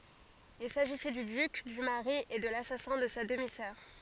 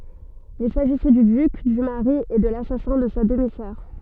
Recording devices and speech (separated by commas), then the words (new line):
forehead accelerometer, soft in-ear microphone, read sentence
Il s’agissait du duc, du mari et de l’assassin de sa demi-sœur.